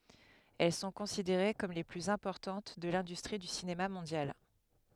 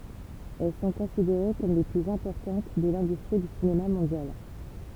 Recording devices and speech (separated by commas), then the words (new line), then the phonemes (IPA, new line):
headset microphone, temple vibration pickup, read sentence
Elles sont considérées comme les plus importantes de l'industrie du cinéma mondial.
ɛl sɔ̃ kɔ̃sideʁe kɔm le plyz ɛ̃pɔʁtɑ̃t də lɛ̃dystʁi dy sinema mɔ̃djal